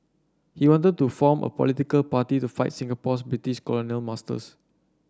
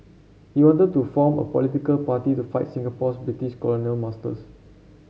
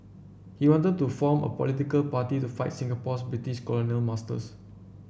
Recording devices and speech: standing microphone (AKG C214), mobile phone (Samsung C7), boundary microphone (BM630), read sentence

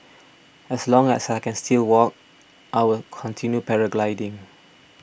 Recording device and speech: boundary microphone (BM630), read sentence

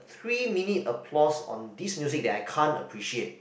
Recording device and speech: boundary microphone, conversation in the same room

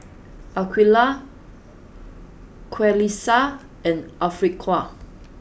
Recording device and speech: boundary microphone (BM630), read sentence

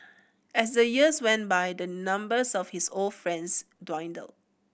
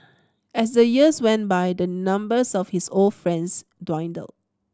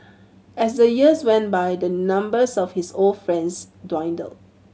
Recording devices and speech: boundary microphone (BM630), standing microphone (AKG C214), mobile phone (Samsung C7100), read sentence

